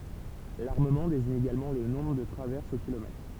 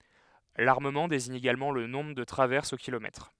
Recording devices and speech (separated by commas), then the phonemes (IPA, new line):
temple vibration pickup, headset microphone, read sentence
laʁməmɑ̃ deziɲ eɡalmɑ̃ lə nɔ̃bʁ də tʁavɛʁsz o kilomɛtʁ